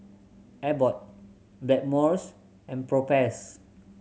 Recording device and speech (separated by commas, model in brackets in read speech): mobile phone (Samsung C7100), read sentence